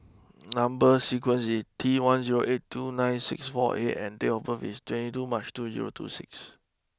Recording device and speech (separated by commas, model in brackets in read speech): close-talking microphone (WH20), read sentence